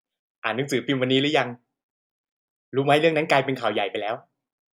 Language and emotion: Thai, neutral